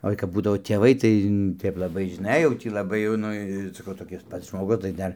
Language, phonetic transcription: Lithuanian, ˈoi kap ˈbūdavo tėˈvai tai ˈtaip laˈbai žiˈnai jau ˈtį laˈbai jau ˈnu saˈkau toˈkis ˈpats žmoˈgus tai ˈdar

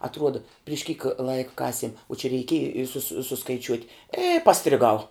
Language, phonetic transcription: Lithuanian, atˈruoda priš kyk ˈlaika ˈkasiem o čia reiˈkieji i ˈsusi suskaiˈčiuot' i pastriˈgau

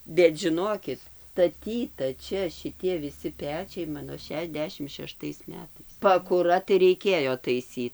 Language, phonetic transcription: Lithuanian, bet žiˈnokit staˈtyta ˈčia šiˈtie viˈsi ˈpečiai ˈmano šešiasˈdešimt šeˈštais ˈmetais pakuˈra tai reiˈkėjo taiˈsyt

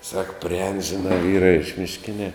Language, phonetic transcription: Lithuanian, sak priˈēn žiˈnā ˈvyra iš mišˈkinia

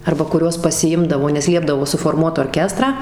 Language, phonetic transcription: Lithuanian, arba kuˈriuos pasiˈimdavo nes ˈliepdavo suforˈmuot orˈkestrą

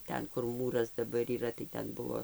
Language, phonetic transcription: Lithuanian, ˈten kur ˈmūras daˈbar yˈra tai ˈten ˈbuvo

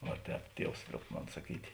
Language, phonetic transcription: Lithuanian, ˈva ˈtēp ˈtievs ˈlioub ˈmon saˈkytė

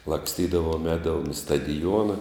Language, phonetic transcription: Lithuanian, laksˈtydavom ˈēdavom i stadiˈjuona

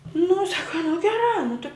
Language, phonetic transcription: Lithuanian, nu ˈsaka nu geˈrā nu tɨ

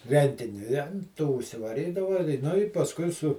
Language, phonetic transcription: Lithuanian, ˈrentini i an ˈto užsivaˈrydava i ˈnu i pasˈkui su

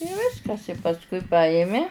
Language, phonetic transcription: Lithuanian, i ˈviskas i pasˈkui ˈpajimi

